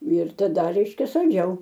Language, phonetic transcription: Lithuanian, ir taˈda ˈreiškia salˈdžiau

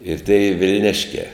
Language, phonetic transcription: Lithuanian, ir ˈtėi vilˈniškiā

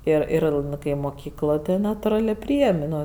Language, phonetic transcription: Lithuanian, ˈir ˈir ˈnu kai moˈkykloj tai natuˈralė ˈpryėm' ˈno

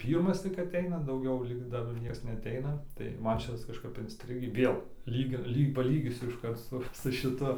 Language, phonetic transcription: Lithuanian, ˈpyrmas tik aˈteina dauˈgiau lyk ˈdar ˈnieks neaˈteina tai ˈman ˈšitas kažˈkap insˈtrigį ˈvėl ˈlyg ir ˈlyg paˈlygysiu išˈkart su su šiˈtu

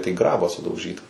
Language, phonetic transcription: Lithuanian, tai ˈgrabą sudauˈžyta

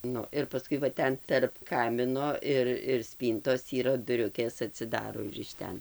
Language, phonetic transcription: Lithuanian, ˈnu ir paˈskui va ˈten terp ˈkamino ir ir ˈspyntos yˈra duˈriukės atsiˈdaro ir iš ˈten

